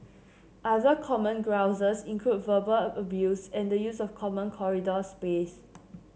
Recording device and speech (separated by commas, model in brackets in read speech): mobile phone (Samsung C7), read sentence